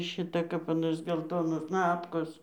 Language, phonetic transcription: Lithuanian, ˈšita kap aˈnos gelˈtonos ˈnapkos

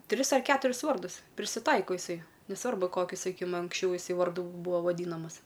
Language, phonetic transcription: Lithuanian, ˈtris ar ˈketuris ˈvardus prisiˈtaiko iˈsai neˈsvarbu ˈkokiu saˈkykim anksˈčiau jiˈsai varˈdu ˈbūa vaˈdynamas

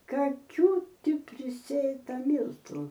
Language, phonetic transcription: Lithuanian, kaˈkių ˈti priˈsėta ˈmyltu

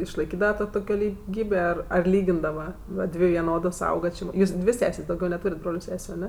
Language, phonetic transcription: Lithuanian, išlaiˈkydava ˈto tuˈkio liˈgybė ˈar ar ˈlygindava ˈva ˈdvi viˈnodos ˈauga či ˈjūs ˈdvi ˈsesės' dauˈgiau neˈtūrėt' ˈbroliu ˈsesiu aˈne

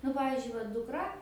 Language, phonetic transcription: Lithuanian, nu ˈpavyzdžiui va dukˈra

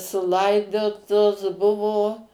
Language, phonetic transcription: Lithuanian, suˈlaidotos ˈbuvo

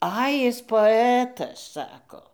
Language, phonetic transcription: Lithuanian, ˈai ˈjis poˈetas ˈsako

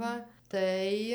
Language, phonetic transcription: Lithuanian, ˈva ˈtai

